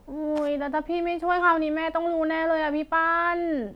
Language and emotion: Thai, frustrated